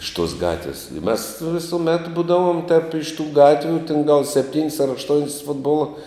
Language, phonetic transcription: Lithuanian, iš tuos ˈgatvis i mes visuˈmet ˈbūdavom tep iš tų ˈgatvių tin gal sepˈtyn's' ar ašˈton's' ˈfutbola

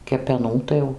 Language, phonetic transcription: Lithuanian, kepeˈnų tai ˈjau

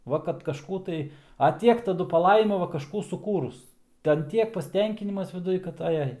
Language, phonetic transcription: Lithuanian, ˈva kad kažˈkų tai a ˈtiek taˈdu paˈlaima ˈva kažˈkų suˈkūrus ˈten ˈtiek pasˈtenkinimas viˈduj kad aˈjai

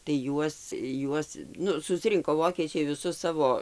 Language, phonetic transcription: Lithuanian, tai ˈjuos ˈjuos ˈnu susˈrinko ˈvokiečiai viˈsus ˈsavo

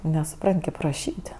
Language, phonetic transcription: Lithuanian, nesuˈpran't' kėp raˈšyt'

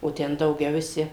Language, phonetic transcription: Lithuanian, o ˈten dauˈgiau viˈsi

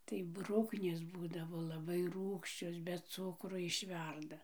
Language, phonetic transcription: Lithuanian, tai ˈbruknės ˈbūdavo laˈbai ˈrūgščios be ˈcukro išˈverda

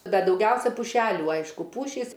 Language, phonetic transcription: Lithuanian, ˈbet dauˈgiausia puˈšelių ˈaišku ˈpūšys

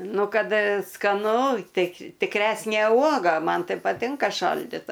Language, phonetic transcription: Lithuanian, ˈnu ˈkad skaˈnu ˈtai tikˈresnė ˈuoga ˈman ˈtai paˈtinka ˈšaldita

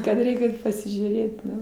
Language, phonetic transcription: Lithuanian, kad ˈreik' ˈait pasižiūˈrėt ˈnu

